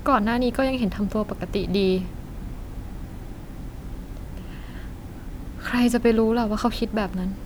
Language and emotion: Thai, frustrated